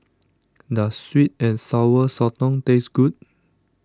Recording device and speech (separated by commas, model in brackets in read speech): standing microphone (AKG C214), read sentence